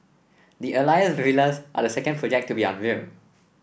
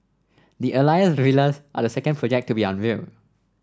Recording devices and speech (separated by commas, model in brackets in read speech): boundary microphone (BM630), standing microphone (AKG C214), read sentence